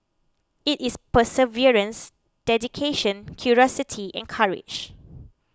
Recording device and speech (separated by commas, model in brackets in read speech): close-talking microphone (WH20), read sentence